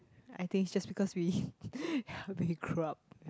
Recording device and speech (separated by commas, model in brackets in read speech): close-talking microphone, conversation in the same room